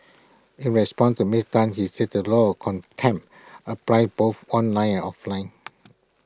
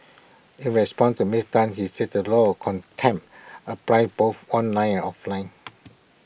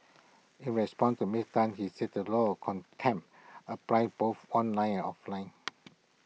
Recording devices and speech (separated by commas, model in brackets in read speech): close-talking microphone (WH20), boundary microphone (BM630), mobile phone (iPhone 6), read sentence